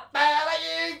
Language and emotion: Thai, angry